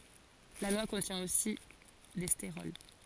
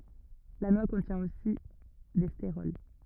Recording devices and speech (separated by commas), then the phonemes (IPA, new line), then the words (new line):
forehead accelerometer, rigid in-ear microphone, read sentence
la nwa kɔ̃tjɛ̃ osi de steʁɔl
La noix contient aussi des stérols.